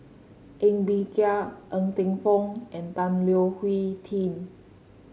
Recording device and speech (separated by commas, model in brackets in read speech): mobile phone (Samsung C5), read sentence